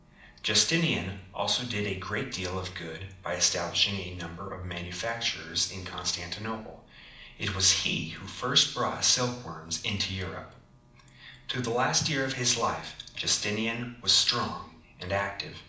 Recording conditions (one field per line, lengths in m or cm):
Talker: one person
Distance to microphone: 2.0 m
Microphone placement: close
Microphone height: 99 cm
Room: medium-sized (5.7 m by 4.0 m)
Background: none